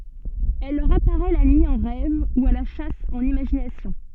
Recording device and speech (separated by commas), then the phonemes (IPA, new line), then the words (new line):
soft in-ear microphone, read sentence
ɛl lœʁ apaʁɛ la nyi ɑ̃ ʁɛv u a la ʃas ɑ̃n imaʒinasjɔ̃
Elle leur apparaît la nuit en rêve ou à la chasse en imagination.